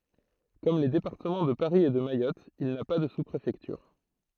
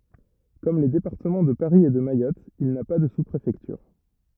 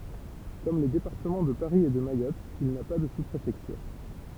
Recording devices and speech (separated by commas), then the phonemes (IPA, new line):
throat microphone, rigid in-ear microphone, temple vibration pickup, read sentence
kɔm le depaʁtəmɑ̃ də paʁi e də majɔt il na pa də su pʁefɛktyʁ